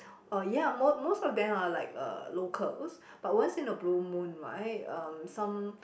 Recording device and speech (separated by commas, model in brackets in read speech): boundary microphone, conversation in the same room